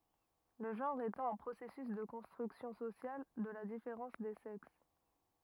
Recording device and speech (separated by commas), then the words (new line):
rigid in-ear microphone, read sentence
Le genre étant un processus de construction sociale de la différence des sexes.